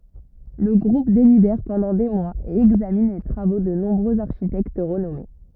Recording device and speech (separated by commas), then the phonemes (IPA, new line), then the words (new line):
rigid in-ear microphone, read sentence
lə ɡʁup delibɛʁ pɑ̃dɑ̃ de mwaz e ɛɡzamin le tʁavo də nɔ̃bʁøz aʁʃitɛkt ʁənɔme
Le groupe délibère pendant des mois et examine les travaux de nombreux architectes renommés.